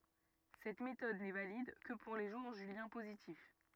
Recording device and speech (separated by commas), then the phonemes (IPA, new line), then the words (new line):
rigid in-ear microphone, read sentence
sɛt metɔd nɛ valid kə puʁ le ʒuʁ ʒyljɛ̃ pozitif
Cette méthode n'est valide que pour les jours juliens positifs.